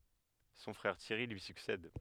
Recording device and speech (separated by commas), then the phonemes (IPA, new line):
headset microphone, read sentence
sɔ̃ fʁɛʁ tjɛʁi lyi syksɛd